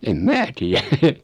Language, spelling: Finnish, en minä tiedä
- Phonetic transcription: em 'mää tiä .

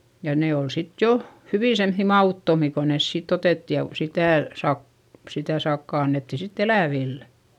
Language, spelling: Finnish, ja ne oli sitten jo hyvin semmoisia mauttomia kun ne siitä otettiin ja - sitä - sitä sakkaa annettiin sitten eläville
- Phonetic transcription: ja nee ol sit jo , hyvì semϑϑi ma₍ùttomi ko nes siit ‿otètti ja v- , sitä̀ sak- , sitä sakka annetti sitt ‿elä̀villE .

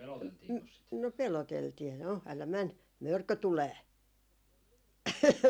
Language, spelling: Finnish, - no peloteltiin no älä mene mörkö tulee
- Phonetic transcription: n- , no 'peloteltii , » "no 'älä "män , "mörkö 'tulee » .

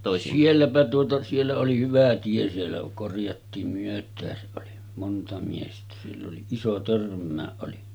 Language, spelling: Finnish, sielläpä tuota siellä oli hyvä tie siellä korjattiin myötäänsä oli monta miestä sillä oli iso törmäkin oli
- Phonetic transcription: 'sielläpä tuota , siellä oli 'hyvä 'tie siellä korjattiim 'myöt̆tääsäˀ ˀoli , 'monta miestä sill ‿oli 'iso 'törm̆mää’ ’oli .

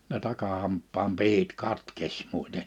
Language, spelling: Finnish, ne takahampaan pihdit katkesi muuten
- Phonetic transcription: ne 'takahamppaam 'pihit 'katkeś mùiten .

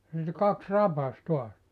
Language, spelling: Finnish, ja niitä kaksi rapasi taas
- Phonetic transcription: (ja) niitä 'kaks "rapas 'tuas .

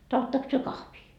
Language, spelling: Finnish, tahdottekos te kahvia
- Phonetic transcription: 'tahottaks työ "kahvii ?

